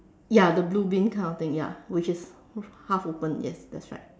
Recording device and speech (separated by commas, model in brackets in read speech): standing microphone, conversation in separate rooms